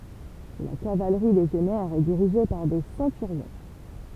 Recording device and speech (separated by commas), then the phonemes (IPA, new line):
temple vibration pickup, read sentence
la kavalʁi leʒjɔnɛʁ ɛ diʁiʒe paʁ de sɑ̃tyʁjɔ̃